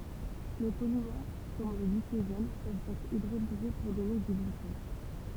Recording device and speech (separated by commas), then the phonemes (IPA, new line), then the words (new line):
temple vibration pickup, read sentence
le polimɛʁ kɔm lə ɡlikoʒɛn pøvt ɛtʁ idʁolize puʁ dɔne dy ɡlykɔz
Les polymères comme le glycogène peuvent être hydrolysés pour donner du glucose.